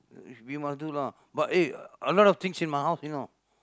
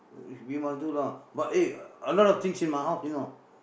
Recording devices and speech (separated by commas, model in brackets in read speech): close-talking microphone, boundary microphone, conversation in the same room